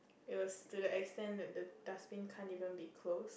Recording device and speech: boundary microphone, conversation in the same room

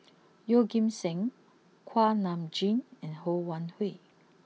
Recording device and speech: mobile phone (iPhone 6), read sentence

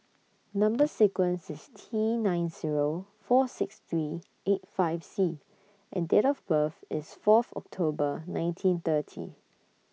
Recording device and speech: mobile phone (iPhone 6), read sentence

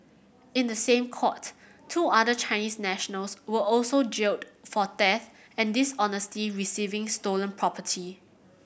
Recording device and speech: boundary microphone (BM630), read sentence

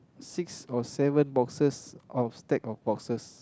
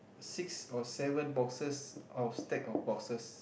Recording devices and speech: close-talking microphone, boundary microphone, conversation in the same room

